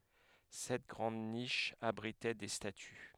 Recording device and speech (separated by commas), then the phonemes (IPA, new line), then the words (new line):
headset microphone, read sentence
sɛt ɡʁɑ̃d niʃz abʁitɛ de staty
Sept grandes niches abritaient des statues.